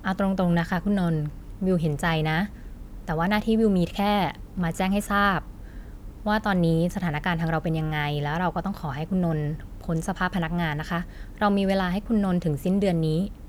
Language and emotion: Thai, neutral